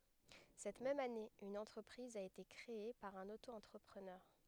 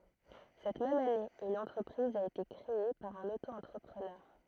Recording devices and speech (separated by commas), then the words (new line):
headset microphone, throat microphone, read sentence
Cette même année, une entreprise a été créée par un auto-entrepreneur.